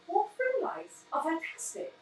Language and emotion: English, surprised